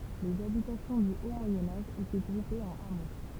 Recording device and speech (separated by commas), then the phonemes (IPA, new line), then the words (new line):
temple vibration pickup, read sentence
lez abitasjɔ̃ dy o mwajɛ̃ aʒ etɛ ɡʁupez ɑ̃n amo
Les habitations du haut Moyen Âge étaient groupées en hameaux.